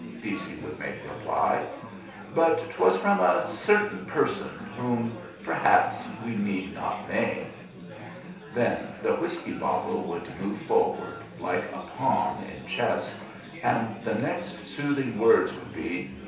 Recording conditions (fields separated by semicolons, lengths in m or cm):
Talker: one person; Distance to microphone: 3.0 m; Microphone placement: far; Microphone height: 1.8 m; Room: small (3.7 m by 2.7 m); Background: babble